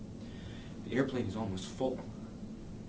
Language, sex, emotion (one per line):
English
male
neutral